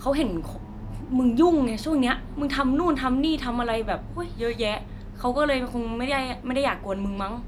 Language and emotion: Thai, frustrated